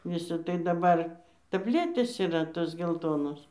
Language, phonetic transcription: Lithuanian, ˈvisi tai daˈbar tabˈletės yˈra ˈtos gelˈtonos

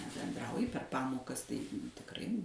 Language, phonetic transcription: Lithuanian, nebenˈdrauji per ˈpamokas tai tikˈrai

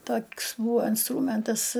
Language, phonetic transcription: Lithuanian, ˈtok's ˈbūvo inˈstrūmentas

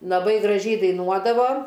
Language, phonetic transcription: Lithuanian, laˈbai graˈžiai daiˈnuodavo

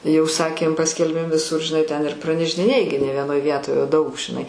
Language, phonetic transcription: Lithuanian, jau ˈsakėm ˈpaskelbėm viˈsur žiˈnai ten ir pranešdiˈnėji gi ne vieˈnoj ˈvietoj o daug žiˈnai

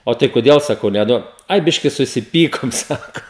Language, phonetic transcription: Lithuanian, ˈo tai koˈdėl saˈkau neˈduod ˈai ˈbiški susiˈpykom ˈsako

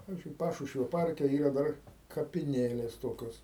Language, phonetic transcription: Lithuanian, pavizdžiui ˈpašušvio ˈparke ˈyra ˈdar kapiˈnėlės ˈtokios

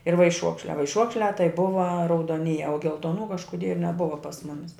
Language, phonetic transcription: Lithuanian, ir vaiˈšuokšliā vaiˈšuokšliā tai ˈbuva raudoˈnyje o geltoˈnų kažkuˈdie neˈbuva pas ˈmumis

